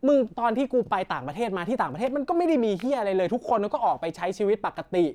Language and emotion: Thai, frustrated